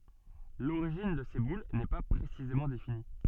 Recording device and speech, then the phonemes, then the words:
soft in-ear microphone, read sentence
loʁiʒin də se bul nɛ pa pʁesizemɑ̃ defini
L'origine de ces boules n'est pas précisément définie.

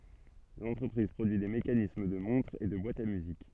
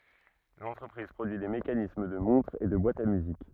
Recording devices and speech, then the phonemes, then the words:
soft in-ear microphone, rigid in-ear microphone, read sentence
lɑ̃tʁəpʁiz pʁodyi de mekanism də mɔ̃tʁz e də bwatz a myzik
L'entreprise produit des mécanismes de montres et de boîtes à musique.

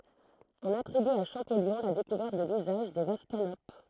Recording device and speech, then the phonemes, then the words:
throat microphone, read sentence
ɔ̃n atʁiby a ʃɑ̃pɔljɔ̃ la dekuvɛʁt də lyzaʒ de vaz kanop
On attribue à Champollion la découverte de l'usage des vases canopes.

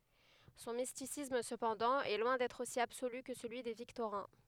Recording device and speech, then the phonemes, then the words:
headset microphone, read sentence
sɔ̃ mistisism səpɑ̃dɑ̃ ɛ lwɛ̃ dɛtʁ osi absoly kə səlyi de viktoʁɛ̃
Son mysticisme, cependant, est loin d'être aussi absolu que celui des Victorins.

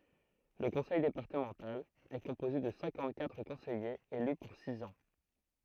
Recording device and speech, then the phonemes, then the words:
throat microphone, read sentence
lə kɔ̃sɛj depaʁtəmɑ̃tal ɛ kɔ̃poze də sɛ̃kɑ̃t katʁ kɔ̃sɛjez ely puʁ siz ɑ̃
Le conseil départemental est composé de cinquante-quatre conseillers élus pour six ans.

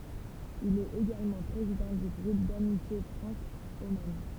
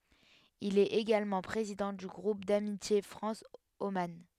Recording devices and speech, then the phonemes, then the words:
temple vibration pickup, headset microphone, read sentence
il ɛt eɡalmɑ̃ pʁezidɑ̃ dy ɡʁup damitje fʁɑ̃s oman
Il est également président du groupe d'amitié France - Oman.

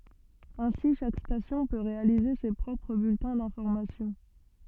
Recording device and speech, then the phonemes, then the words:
soft in-ear microphone, read sentence
ɛ̃si ʃak stasjɔ̃ pø ʁealize se pʁɔpʁ byltɛ̃ dɛ̃fɔʁmasjɔ̃
Ainsi chaque station peut réaliser ses propres bulletins d’information.

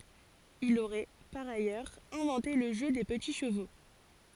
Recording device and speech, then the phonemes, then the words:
forehead accelerometer, read sentence
il oʁɛ paʁ ajœʁz ɛ̃vɑ̃te lə ʒø de pəti ʃəvo
Il aurait, par ailleurs, inventé le jeu des petits chevaux.

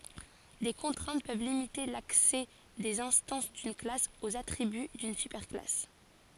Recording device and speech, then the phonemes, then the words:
forehead accelerometer, read sentence
de kɔ̃tʁɛ̃t pøv limite laksɛ dez ɛ̃stɑ̃s dyn klas oz atʁiby dyn sypɛʁ klas
Des contraintes peuvent limiter l'accès des instances d'une classe aux attributs d'une super-classe.

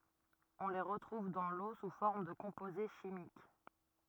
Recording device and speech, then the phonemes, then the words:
rigid in-ear microphone, read sentence
ɔ̃ le ʁətʁuv dɑ̃ lo su fɔʁm də kɔ̃poze ʃimik
On les retrouve dans l'eau sous forme de composés chimiques.

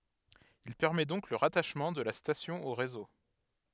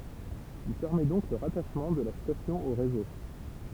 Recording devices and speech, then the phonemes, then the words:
headset microphone, temple vibration pickup, read sentence
il pɛʁmɛ dɔ̃k lə ʁataʃmɑ̃ də la stasjɔ̃ o ʁezo
Il permet donc le rattachement de la station au réseau.

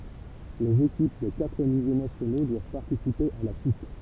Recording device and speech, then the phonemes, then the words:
temple vibration pickup, read sentence
lez ekip de katʁ nivo nasjono dwav paʁtisipe a la kup
Les équipes des quatre niveaux nationaux doivent participer à la Coupe.

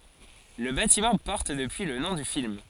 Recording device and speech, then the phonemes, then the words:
forehead accelerometer, read sentence
lə batimɑ̃ pɔʁt dəpyi lə nɔ̃ dy film
Le bâtiment porte depuis le nom du film.

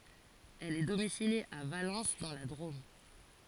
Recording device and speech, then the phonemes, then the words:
forehead accelerometer, read sentence
ɛl ɛ domisilje a valɑ̃s dɑ̃ la dʁom
Elle est domiciliée à Valence dans la Drôme.

